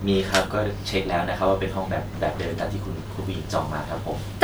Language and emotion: Thai, neutral